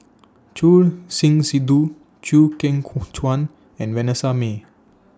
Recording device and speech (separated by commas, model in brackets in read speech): standing microphone (AKG C214), read sentence